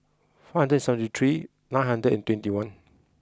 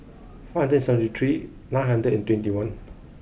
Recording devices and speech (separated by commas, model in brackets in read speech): close-talking microphone (WH20), boundary microphone (BM630), read sentence